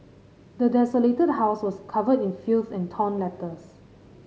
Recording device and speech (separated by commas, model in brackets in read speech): mobile phone (Samsung C5010), read sentence